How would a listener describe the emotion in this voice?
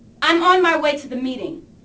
angry